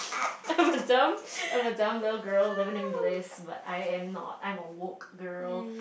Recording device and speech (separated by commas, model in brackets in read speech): boundary microphone, conversation in the same room